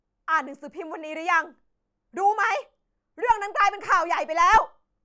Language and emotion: Thai, angry